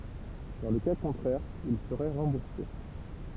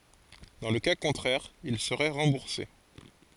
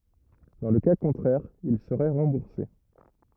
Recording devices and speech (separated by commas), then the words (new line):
temple vibration pickup, forehead accelerometer, rigid in-ear microphone, read sentence
Dans le cas contraire, ils seraient remboursés.